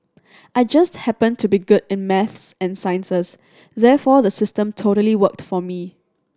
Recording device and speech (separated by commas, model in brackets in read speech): standing microphone (AKG C214), read sentence